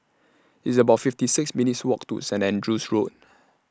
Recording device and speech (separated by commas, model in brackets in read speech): standing microphone (AKG C214), read sentence